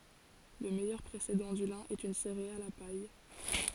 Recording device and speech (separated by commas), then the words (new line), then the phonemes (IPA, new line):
forehead accelerometer, read sentence
Le meilleur précédent du lin est une céréale à paille.
lə mɛjœʁ pʁesedɑ̃ dy lɛ̃ ɛt yn seʁeal a paj